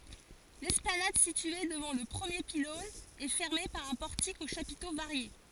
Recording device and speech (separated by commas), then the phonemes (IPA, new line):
forehead accelerometer, read sentence
lɛsplanad sitye dəvɑ̃ lə pʁəmje pilɔ̃n ɛ fɛʁme paʁ œ̃ pɔʁtik o ʃapito vaʁje